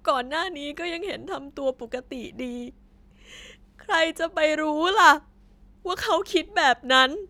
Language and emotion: Thai, sad